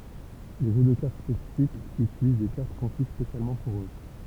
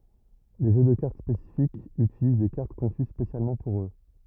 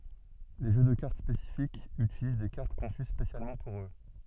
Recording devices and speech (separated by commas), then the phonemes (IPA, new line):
temple vibration pickup, rigid in-ear microphone, soft in-ear microphone, read sentence
le ʒø də kaʁt spesifikz ytiliz de kaʁt kɔ̃sy spesjalmɑ̃ puʁ ø